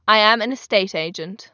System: none